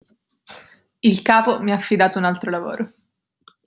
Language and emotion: Italian, neutral